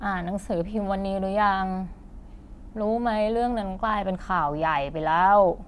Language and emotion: Thai, frustrated